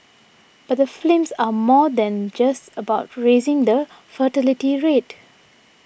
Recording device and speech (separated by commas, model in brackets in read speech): boundary microphone (BM630), read sentence